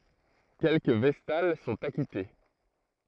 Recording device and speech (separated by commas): throat microphone, read sentence